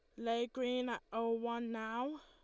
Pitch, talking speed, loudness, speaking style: 235 Hz, 180 wpm, -39 LUFS, Lombard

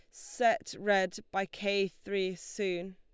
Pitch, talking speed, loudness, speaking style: 195 Hz, 130 wpm, -32 LUFS, Lombard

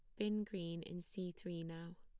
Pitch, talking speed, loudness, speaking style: 175 Hz, 200 wpm, -45 LUFS, plain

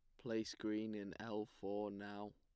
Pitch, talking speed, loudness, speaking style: 105 Hz, 165 wpm, -46 LUFS, plain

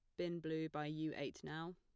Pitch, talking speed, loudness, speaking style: 160 Hz, 230 wpm, -45 LUFS, plain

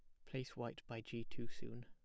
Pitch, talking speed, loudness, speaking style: 120 Hz, 230 wpm, -49 LUFS, plain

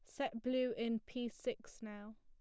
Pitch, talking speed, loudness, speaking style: 235 Hz, 180 wpm, -41 LUFS, plain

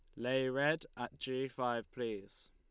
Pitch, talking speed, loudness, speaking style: 130 Hz, 155 wpm, -38 LUFS, Lombard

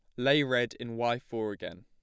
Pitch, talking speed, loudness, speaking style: 120 Hz, 220 wpm, -30 LUFS, plain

